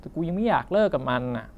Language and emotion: Thai, frustrated